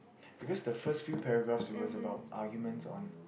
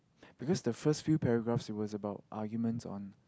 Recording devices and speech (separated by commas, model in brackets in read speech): boundary microphone, close-talking microphone, conversation in the same room